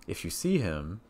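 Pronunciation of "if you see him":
The voice goes up on 'him'. The rising intonation shows that the idea is unfinished.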